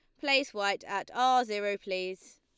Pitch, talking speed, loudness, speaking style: 205 Hz, 165 wpm, -30 LUFS, Lombard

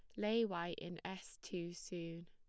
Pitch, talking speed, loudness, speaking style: 175 Hz, 175 wpm, -43 LUFS, plain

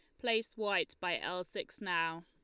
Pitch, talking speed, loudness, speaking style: 180 Hz, 175 wpm, -36 LUFS, Lombard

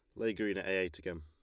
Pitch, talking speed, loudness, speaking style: 95 Hz, 355 wpm, -36 LUFS, Lombard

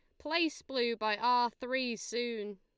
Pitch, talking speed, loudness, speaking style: 240 Hz, 150 wpm, -33 LUFS, Lombard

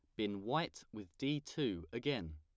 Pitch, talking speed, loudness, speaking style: 105 Hz, 165 wpm, -40 LUFS, plain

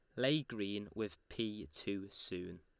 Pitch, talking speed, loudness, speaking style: 105 Hz, 150 wpm, -41 LUFS, Lombard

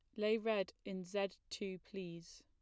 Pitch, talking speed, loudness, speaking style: 195 Hz, 165 wpm, -42 LUFS, plain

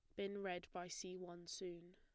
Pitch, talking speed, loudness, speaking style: 180 Hz, 205 wpm, -49 LUFS, plain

